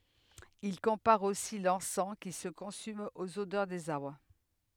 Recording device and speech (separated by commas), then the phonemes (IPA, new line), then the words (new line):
headset microphone, read sentence
il kɔ̃paʁ osi lɑ̃sɑ̃ ki sə kɔ̃sym oz odœʁ dez aʁbʁ
Il compare aussi l'encens qui se consume aux odeurs des arbres.